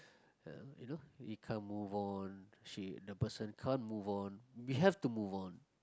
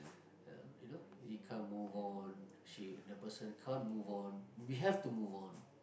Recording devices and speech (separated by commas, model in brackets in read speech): close-talking microphone, boundary microphone, conversation in the same room